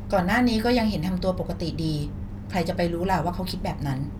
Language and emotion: Thai, neutral